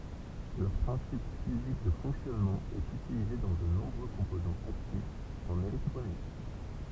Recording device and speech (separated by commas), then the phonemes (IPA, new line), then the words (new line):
temple vibration pickup, read sentence
lœʁ pʁɛ̃sip fizik də fɔ̃ksjɔnmɑ̃ ɛt ytilize dɑ̃ də nɔ̃bʁø kɔ̃pozɑ̃z aktifz ɑ̃n elɛktʁonik
Leur principe physique de fonctionnement est utilisé dans de nombreux composants actifs en électronique.